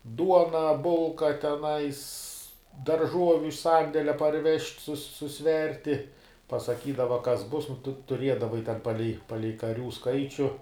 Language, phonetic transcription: Lithuanian, ˈduona ˈbulka teˈnais darˈžuoviu iš ˈsandelia parˈvežt' sus suˈsverti pasaˈkydava ˈkas ˈbus nu ˈtu tuˈriedavai ten ˈpalei ˈpalei kaˈrių ˈskaičiu

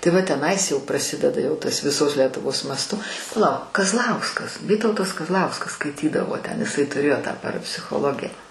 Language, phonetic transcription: Lithuanian, tai ˈva teˈnais jau praˈsideda jau ˈtas viˈsos letuˈvos masˈtu paˈlauk kazˈlauskas ˈvytautas kazˈlauskas skaiˈtydavo ten iˈsai tuˈrėjo tą parapsichoˈlogija

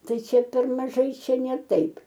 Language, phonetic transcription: Lithuanian, ˈtai ˈčia per maˈžai ˈčia ne ˈtaip

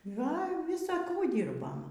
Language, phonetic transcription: Lithuanian, ˈgal' ˈvisa ˈkų ˈdyrbom

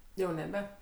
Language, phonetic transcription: Lithuanian, jau neˈbe

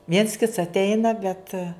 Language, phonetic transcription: Lithuanian, viens kits atˈeina bet

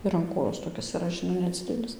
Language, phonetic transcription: Lithuanian, ir an ˈkojos toˈkis iˈra žiˈnai neˈdzidelis

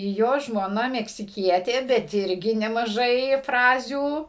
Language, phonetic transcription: Lithuanian, ˈjo žmoˈna meksiˈkietė bet ˈirgi nemaˈžai ˈfrazių

